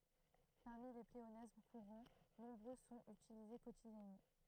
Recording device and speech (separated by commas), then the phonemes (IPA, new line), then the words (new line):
throat microphone, read sentence
paʁmi le pleonasm kuʁɑ̃ nɔ̃bʁø sɔ̃t ytilize kotidjɛnmɑ̃
Parmi les pléonasmes courants, nombreux sont utilisés quotidiennement.